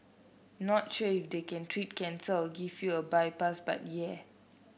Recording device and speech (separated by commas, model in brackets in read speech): boundary microphone (BM630), read sentence